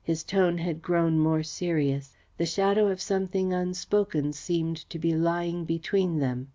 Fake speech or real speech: real